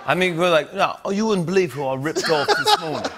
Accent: British accent